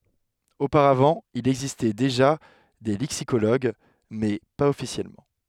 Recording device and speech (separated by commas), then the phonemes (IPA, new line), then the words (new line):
headset microphone, read sentence
opaʁavɑ̃ il ɛɡzistɛ deʒa de lɛksikoloɡ mɛ paz ɔfisjɛlmɑ̃
Auparavant, il existait déjà des lexicologues, mais pas officiellement.